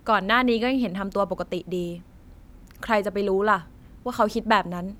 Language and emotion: Thai, frustrated